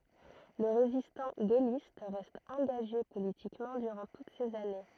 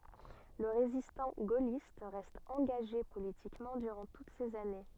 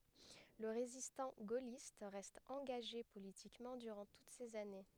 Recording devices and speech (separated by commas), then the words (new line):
throat microphone, soft in-ear microphone, headset microphone, read sentence
Le résistant gaulliste reste engagé politiquement durant toutes ces années.